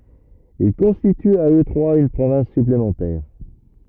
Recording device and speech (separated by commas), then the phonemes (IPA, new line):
rigid in-ear microphone, read sentence
il kɔ̃stityt a ø tʁwaz yn pʁovɛ̃s syplemɑ̃tɛʁ